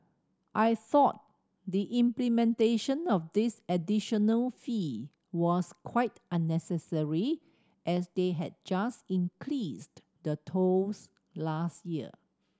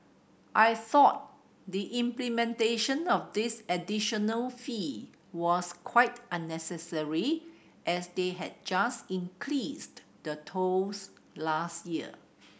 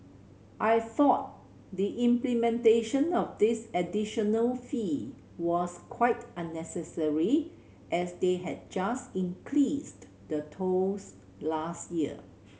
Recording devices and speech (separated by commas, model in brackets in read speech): standing microphone (AKG C214), boundary microphone (BM630), mobile phone (Samsung C7100), read sentence